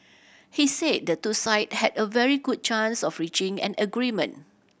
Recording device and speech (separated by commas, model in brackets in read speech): boundary microphone (BM630), read sentence